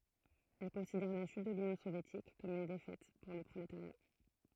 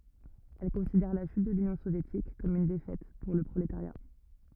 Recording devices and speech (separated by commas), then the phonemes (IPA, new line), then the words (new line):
throat microphone, rigid in-ear microphone, read sentence
ɛl kɔ̃sidɛʁ la ʃyt də lynjɔ̃ sovjetik kɔm yn defɛt puʁ lə pʁoletaʁja
Elle considère la chute de l'Union soviétique comme une défaite pour le prolétariat.